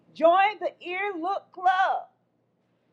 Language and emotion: English, neutral